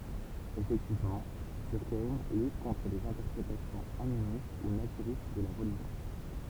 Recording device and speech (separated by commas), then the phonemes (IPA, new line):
temple vibration pickup, read sentence
efɛktivmɑ̃ dyʁkajm lyt kɔ̃tʁ dez ɛ̃tɛʁpʁetasjɔ̃z animist u natyʁist də la ʁəliʒjɔ̃